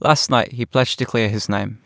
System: none